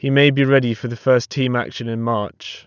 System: none